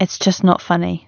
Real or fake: real